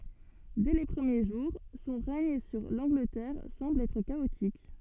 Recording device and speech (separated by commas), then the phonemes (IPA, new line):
soft in-ear microphone, read sentence
dɛ le pʁəmje ʒuʁ sɔ̃ ʁɛɲ syʁ lɑ̃ɡlətɛʁ sɑ̃bl ɛtʁ kaotik